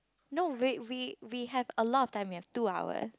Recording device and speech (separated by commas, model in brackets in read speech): close-talking microphone, conversation in the same room